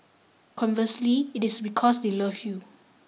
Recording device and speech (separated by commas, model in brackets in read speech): mobile phone (iPhone 6), read sentence